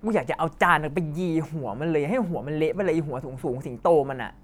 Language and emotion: Thai, angry